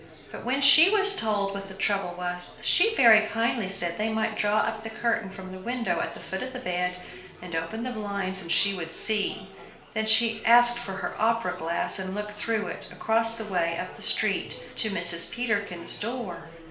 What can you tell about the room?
A small space.